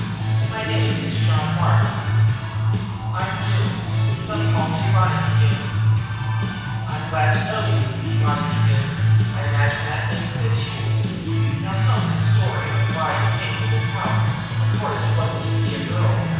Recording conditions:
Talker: one person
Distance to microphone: 7.1 m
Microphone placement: far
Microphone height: 1.7 m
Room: very reverberant, large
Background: music

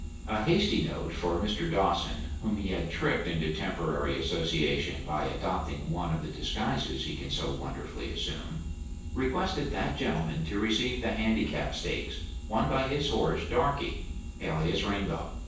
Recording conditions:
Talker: one person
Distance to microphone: 9.8 m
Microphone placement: far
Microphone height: 1.8 m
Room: large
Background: none

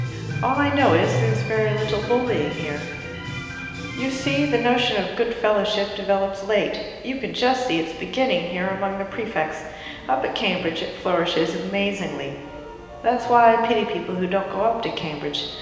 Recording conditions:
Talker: one person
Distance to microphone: 1.7 m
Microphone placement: close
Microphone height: 1.0 m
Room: very reverberant, large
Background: music

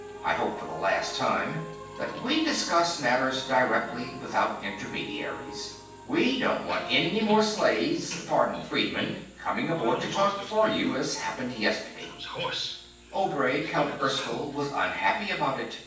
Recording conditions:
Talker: one person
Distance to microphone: 9.8 m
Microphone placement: far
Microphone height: 1.8 m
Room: large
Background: television

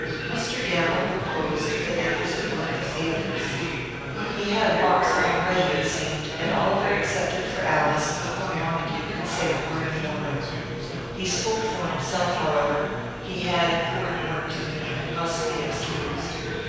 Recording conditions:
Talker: one person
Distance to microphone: 7.1 m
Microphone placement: far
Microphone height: 1.7 m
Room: very reverberant, large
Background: babble

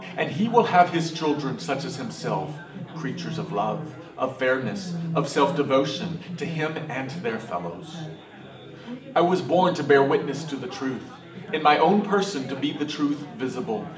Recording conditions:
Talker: one person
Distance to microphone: 1.8 m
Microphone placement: close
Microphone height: 1.0 m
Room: large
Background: babble

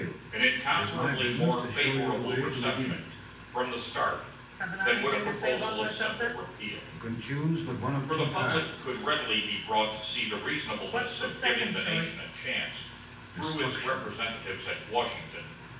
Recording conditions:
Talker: one person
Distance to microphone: 9.8 m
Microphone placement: far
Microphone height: 1.8 m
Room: large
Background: television

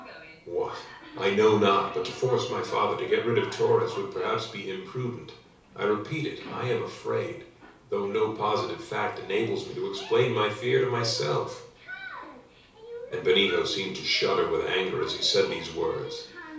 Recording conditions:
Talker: one person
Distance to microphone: 3.0 m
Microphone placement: far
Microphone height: 1.8 m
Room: small (3.7 m by 2.7 m)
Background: television

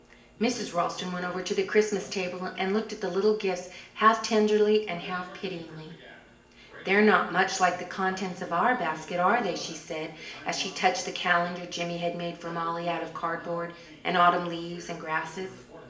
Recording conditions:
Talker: one person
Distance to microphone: 1.8 m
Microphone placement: close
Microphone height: 1.0 m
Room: large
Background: television

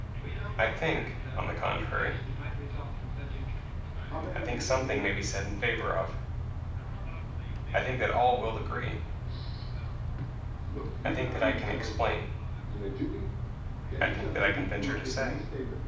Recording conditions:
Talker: one person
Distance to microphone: 5.8 m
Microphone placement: far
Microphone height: 1.8 m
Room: medium-sized (5.7 m by 4.0 m)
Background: television

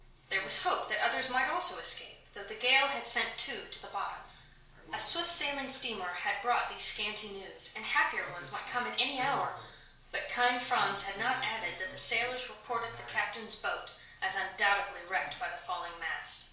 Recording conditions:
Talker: one person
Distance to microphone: 1.0 m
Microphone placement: close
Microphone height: 1.1 m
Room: small (3.7 m by 2.7 m)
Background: television

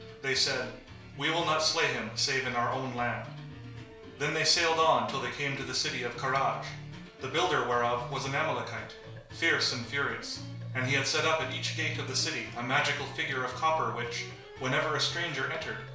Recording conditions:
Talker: one person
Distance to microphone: 1.0 m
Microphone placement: close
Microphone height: 1.1 m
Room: small (3.7 m by 2.7 m)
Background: music

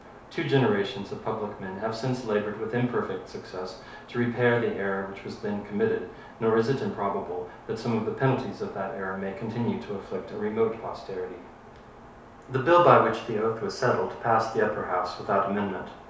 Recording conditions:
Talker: one person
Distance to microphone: 3.0 m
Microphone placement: far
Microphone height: 1.8 m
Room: small (3.7 m by 2.7 m)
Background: none

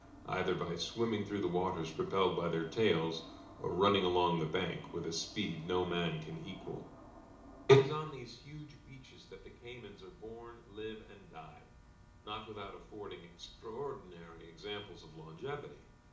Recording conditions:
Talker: one person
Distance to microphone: 2.0 m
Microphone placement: close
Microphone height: 99 cm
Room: medium-sized (5.7 m by 4.0 m)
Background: none

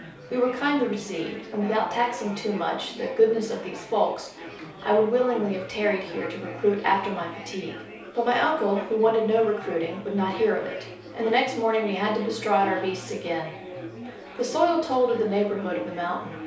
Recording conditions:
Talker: one person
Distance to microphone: 3.0 m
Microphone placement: far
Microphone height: 1.8 m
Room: small (3.7 m by 2.7 m)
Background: babble

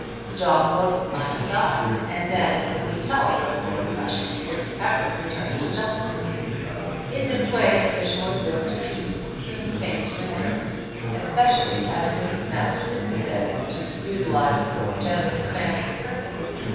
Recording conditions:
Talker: one person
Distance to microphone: 7.1 m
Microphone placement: far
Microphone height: 1.7 m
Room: very reverberant, large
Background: babble

